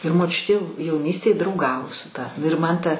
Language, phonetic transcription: Lithuanian, ir moˈčiutė jauˈnystėj drauˈgavo su ˈta nu ir ˈman ˈta

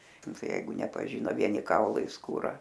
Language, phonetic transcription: Lithuanian, ˈnu ˈtai ˈjeigu nepaˈžyno ˈvieni ˈkaulai skūˈra

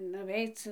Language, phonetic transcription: Lithuanian, nuˈveic

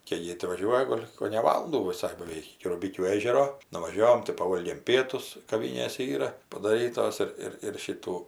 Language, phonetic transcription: Lithuanian, kei ˈjė ti vaˈžiuoja ˈgol' kone ˈvalundų viˈsai baˈveik iki ruˈbikių ˈėžero nuvaˈžiovom tai paˈvolgėm ˈpietus kaˈvinėse ˈyra padaˈrytos ˈir ˈir ir ˈšytų

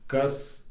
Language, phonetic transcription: Lithuanian, ˈkas

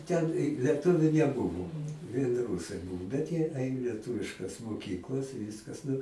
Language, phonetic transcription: Lithuanian, ˈten i lieˈtuviu neˈbuvo vien ˈrūsai ˈbūvo bet jie ˈain lieˈtuviškas moˈkyklas i ˈvyskas nu

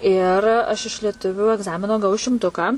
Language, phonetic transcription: Lithuanian, ir ˈaš iš lieˈtuviu egˈzamino gaˈvau šimˈtuką

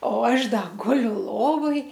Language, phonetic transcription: Lithuanian, o ˈaš ˈda ˈguliu ˈlovoj

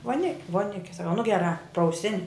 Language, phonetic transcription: Lithuanian, voˈnik' voˈnike saˈkau nu geˈrā prauˈsin'

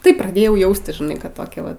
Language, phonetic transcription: Lithuanian, ˈtai praˈdėjau ˈjaustis žiˈnai kad ˈtokia ˈva

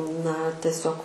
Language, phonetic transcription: Lithuanian, na teˈsiog

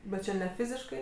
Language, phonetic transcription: Lithuanian, bet ˈčia ne ˈfiziškai

